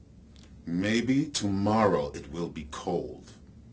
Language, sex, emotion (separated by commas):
English, male, neutral